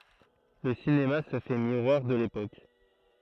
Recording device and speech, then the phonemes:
throat microphone, read sentence
lə sinema sə fɛ miʁwaʁ də lepok

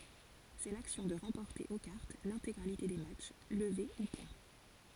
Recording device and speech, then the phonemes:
forehead accelerometer, read sentence
sɛ laksjɔ̃ də ʁɑ̃pɔʁte o kaʁt lɛ̃teɡʁalite de matʃ ləve u pwɛ̃

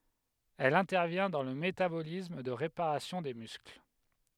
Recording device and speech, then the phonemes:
headset microphone, read sentence
ɛl ɛ̃tɛʁvjɛ̃ dɑ̃ lə metabolism də ʁepaʁasjɔ̃ de myskl

